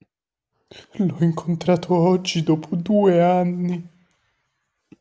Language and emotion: Italian, fearful